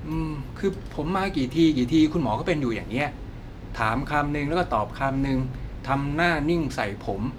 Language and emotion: Thai, frustrated